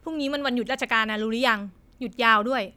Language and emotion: Thai, frustrated